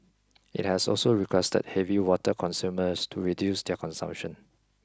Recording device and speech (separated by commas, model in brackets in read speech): close-talking microphone (WH20), read sentence